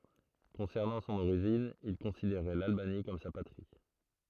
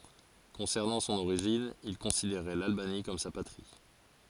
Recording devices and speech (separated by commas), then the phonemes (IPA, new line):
throat microphone, forehead accelerometer, read sentence
kɔ̃sɛʁnɑ̃ sɔ̃n oʁiʒin il kɔ̃sideʁɛ lalbani kɔm sa patʁi